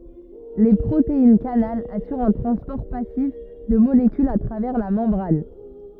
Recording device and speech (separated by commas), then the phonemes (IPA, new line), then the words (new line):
rigid in-ear microphone, read sentence
le pʁoteinɛskanal asyʁt œ̃ tʁɑ̃spɔʁ pasif də molekylz a tʁavɛʁ la mɑ̃bʁan
Les protéines-canal assurent un transport passif de molécules à travers la membrane.